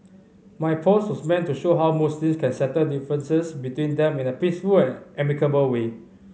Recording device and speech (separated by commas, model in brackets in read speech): mobile phone (Samsung C5010), read sentence